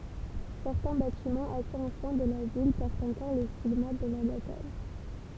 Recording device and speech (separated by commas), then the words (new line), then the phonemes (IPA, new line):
temple vibration pickup, read sentence
Certains bâtiments assez anciens de la ville portent encore les stigmates de la bataille.
sɛʁtɛ̃ batimɑ̃z asez ɑ̃sjɛ̃ də la vil pɔʁtt ɑ̃kɔʁ le stiɡmat də la bataj